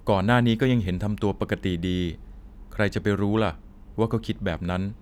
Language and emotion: Thai, neutral